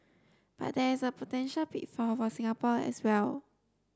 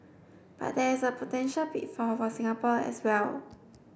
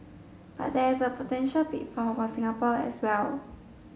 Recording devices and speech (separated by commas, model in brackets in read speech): standing microphone (AKG C214), boundary microphone (BM630), mobile phone (Samsung S8), read sentence